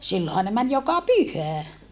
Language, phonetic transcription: Finnish, sillohaa ne män joka pyhä .
- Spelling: silloinhan ne meni joka pyhä

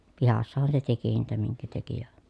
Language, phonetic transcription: Finnish, pihassahan se teki niitä miŋkä teki ja ,.
- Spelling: pihassahan se teki niitä minkä teki ja

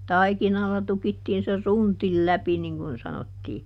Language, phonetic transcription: Finnish, "taikinalla ˈtukittiin se "suntil ˈläpi niŋ kun ˈsanottii .
- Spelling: taikinalla tukittiin se suntin läpi niin kuin sanottiin

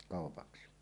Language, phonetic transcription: Finnish, 'kàopaksi .
- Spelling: kaupaksi

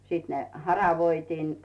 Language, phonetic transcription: Finnish, 'siit ne , "haravoitiin .
- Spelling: sitten ne haravoitiin

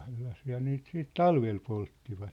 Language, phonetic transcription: Finnish, sellasiiha ne niit siit "talvel 'polttivat .
- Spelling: sellaisiahan ne niitä sitten talvella polttivat

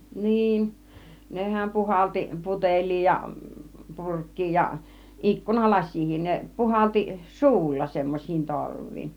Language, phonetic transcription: Finnish, 'niin , 'nehäm 'puhalti , 'puteĺ̆lii ja , 'purk̀kii ja , 'ikkuna "las̆siihin ne , 'puhalti "su̬ulla , semmoś̆siin 'torv̆viin .
- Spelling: niin nehän puhalsi putelia ja purkkia ja - ikkunalasiakin ne puhalsi suulla semmoisiin torviin

